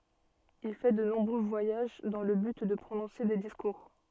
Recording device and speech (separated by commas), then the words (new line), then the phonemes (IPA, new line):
soft in-ear microphone, read sentence
Il fait de nombreux voyages dans le but de prononcer des discours.
il fɛ də nɔ̃bʁø vwajaʒ dɑ̃ lə byt də pʁonɔ̃se de diskuʁ